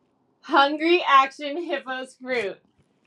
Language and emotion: English, happy